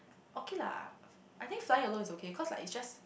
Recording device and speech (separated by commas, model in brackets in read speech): boundary microphone, conversation in the same room